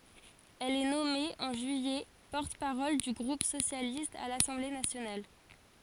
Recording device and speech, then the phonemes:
forehead accelerometer, read sentence
ɛl ɛ nɔme ɑ̃ ʒyijɛ pɔʁt paʁɔl dy ɡʁup sosjalist a lasɑ̃ble nasjonal

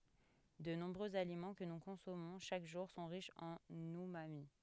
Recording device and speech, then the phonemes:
headset microphone, read sentence
də nɔ̃bʁøz alimɑ̃ kə nu kɔ̃sɔmɔ̃ ʃak ʒuʁ sɔ̃ ʁiʃz ɑ̃n ymami

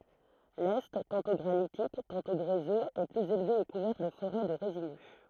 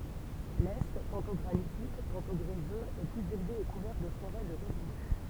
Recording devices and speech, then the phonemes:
throat microphone, temple vibration pickup, read sentence
lɛ tɑ̃tɔ̃ ɡʁanitik tɑ̃tɔ̃ ɡʁezøz ɛ plyz elve e kuvɛʁ də foʁɛ də ʁezinø

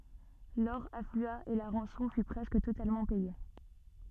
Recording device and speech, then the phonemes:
soft in-ear microphone, read sentence
lɔʁ aflya e la ʁɑ̃sɔ̃ fy pʁɛskə totalmɑ̃ pɛje

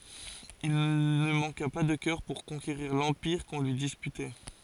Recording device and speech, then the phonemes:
forehead accelerometer, read sentence
il nə mɑ̃ka pa də kœʁ puʁ kɔ̃keʁiʁ lɑ̃piʁ kɔ̃ lyi dispytɛ

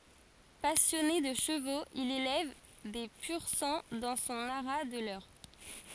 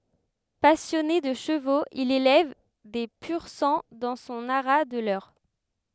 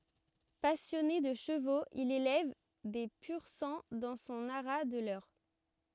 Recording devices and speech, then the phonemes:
forehead accelerometer, headset microphone, rigid in-ear microphone, read sentence
pasjɔne də ʃəvoz il elɛv de pyʁ sɑ̃ dɑ̃ sɔ̃ aʁa də lœʁ

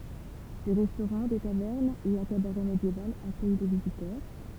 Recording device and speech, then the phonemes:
temple vibration pickup, read sentence
de ʁɛstoʁɑ̃ de tavɛʁnz e œ̃ kabaʁɛ medjeval akœj le vizitœʁ

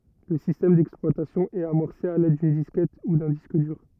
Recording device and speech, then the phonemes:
rigid in-ear microphone, read sentence
lə sistɛm dɛksplwatasjɔ̃ ɛt amɔʁse a lɛd dyn diskɛt u dœ̃ disk dyʁ

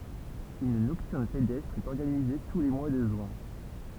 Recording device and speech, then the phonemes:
temple vibration pickup, read sentence
yn nɔktyʁn pedɛstʁ ɛt ɔʁɡanize tu le mwa də ʒyɛ̃

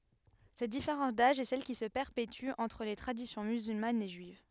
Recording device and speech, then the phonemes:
headset microphone, read sentence
sɛt difeʁɑ̃s daʒ ɛ sɛl ki sə pɛʁpety ɑ̃tʁ le tʁadisjɔ̃ myzylmanz e ʒyiv

